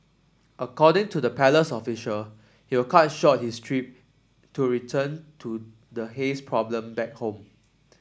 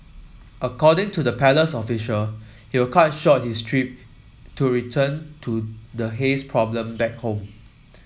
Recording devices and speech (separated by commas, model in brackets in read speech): standing microphone (AKG C214), mobile phone (iPhone 7), read sentence